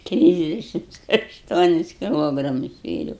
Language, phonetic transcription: Lithuanian, ˈtrisdešimts ašˈtuonis kiˈlogramus svėˈriau

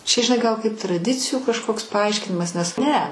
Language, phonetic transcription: Lithuanian, čia žiˈnai ˈgal kaip traˈdicijų kažˈkoks paˈaiškinimas nes ˈne

